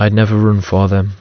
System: none